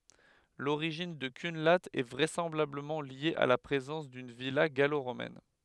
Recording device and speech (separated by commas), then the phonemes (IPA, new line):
headset microphone, read sentence
loʁiʒin də kœ̃la ɛ vʁɛsɑ̃blabləmɑ̃ lje a la pʁezɑ̃s dyn vila ɡaloʁomɛn